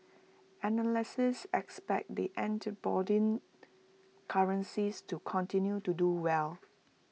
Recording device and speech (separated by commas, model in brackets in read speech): mobile phone (iPhone 6), read sentence